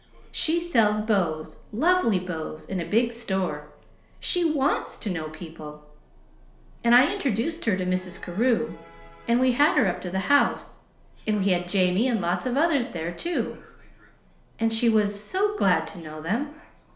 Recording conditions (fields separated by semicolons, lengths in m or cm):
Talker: one person; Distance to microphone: 1.0 m; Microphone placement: close; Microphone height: 1.1 m; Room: small (3.7 m by 2.7 m); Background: television